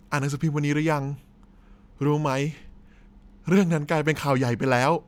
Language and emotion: Thai, neutral